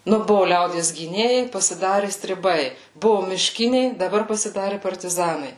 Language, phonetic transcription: Lithuanian, ˈnu ˈbuvu ˈliaudies gyˈnėjai pasiˈdari striˈbai buvu miˈškiniai daˈbar pasiˈdari partiˈzanai

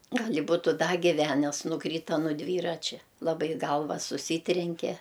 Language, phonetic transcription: Lithuanian, ˈgal' i ˈbutu ˈda giˈvænes nuˈkryta nu ˈdvyračia laˈbai ˈgalva suˈsytrenke

